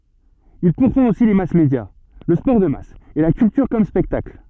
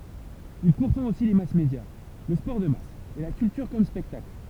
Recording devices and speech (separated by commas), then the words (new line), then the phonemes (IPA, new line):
soft in-ear microphone, temple vibration pickup, read sentence
Il pourfend aussi les mass-médias, le sport de masse et la culture comme spectacle.
il puʁfɑ̃t osi le masmedja lə spɔʁ də mas e la kyltyʁ kɔm spɛktakl